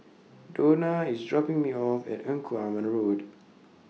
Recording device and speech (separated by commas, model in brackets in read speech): mobile phone (iPhone 6), read sentence